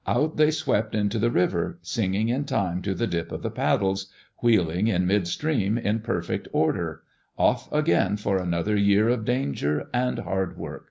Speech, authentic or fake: authentic